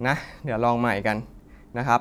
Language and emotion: Thai, frustrated